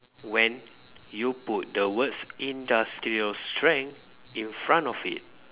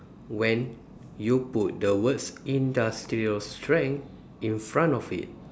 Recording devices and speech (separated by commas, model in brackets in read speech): telephone, standing microphone, conversation in separate rooms